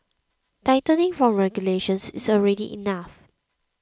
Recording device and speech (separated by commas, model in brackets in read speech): close-talking microphone (WH20), read sentence